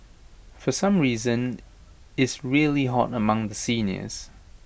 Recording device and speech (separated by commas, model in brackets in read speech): boundary microphone (BM630), read sentence